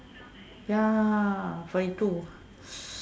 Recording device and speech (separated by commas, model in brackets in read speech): standing microphone, conversation in separate rooms